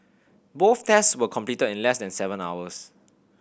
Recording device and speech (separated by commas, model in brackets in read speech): boundary microphone (BM630), read sentence